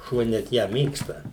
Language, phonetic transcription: Lithuanian, ˈšuo net ˈją ˈmėgsta

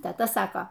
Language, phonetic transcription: Lithuanian, teˈta ˈsako

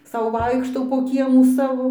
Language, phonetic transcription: Lithuanian, ˈsau ˈvaikštau po ˈkiemų ˈsavo

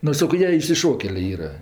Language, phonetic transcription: Lithuanian, ˈnu ˈsako ˈjie išsiˈšokelė ˈyra

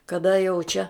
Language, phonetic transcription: Lithuanian, kaˈda jau čia

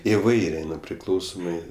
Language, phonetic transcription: Lithuanian, iˈvairė ˈnu ˈpriklausomɜ

